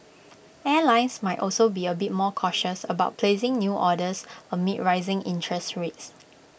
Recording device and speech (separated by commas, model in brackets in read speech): boundary microphone (BM630), read sentence